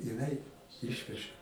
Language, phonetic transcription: Lithuanian, jiˈnai ˈišveža

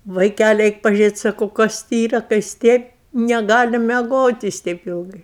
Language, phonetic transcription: Lithuanian, vaiˈkæli ˈeik pažiuˈrėt' ˈsakau ˈkas ti yra ka jis ˈtėp neˈgali meˈgot' jis ˈteip ˈilgai

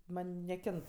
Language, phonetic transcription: Lithuanian, ˈman' neˈkint

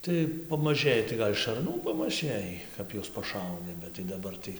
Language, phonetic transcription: Lithuanian, tai pamaˈžɘji tai ˈgal' šarˈnų pamaˈžɘjį ˈkap juos paˈšauni bet tai daˈbar tai

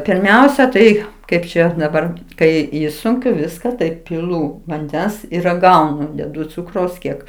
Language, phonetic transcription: Lithuanian, pirˈmiausia tai ˈkaip čia daˈbar ˈkai ˈišsunkiu ˈviska ˈtai piˈlū vanˈdens ir raˈgaunu deˈdu ˈcukraus ˈkiek

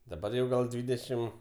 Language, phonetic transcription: Lithuanian, daˈbar jau ˈgal ˈdvydešim

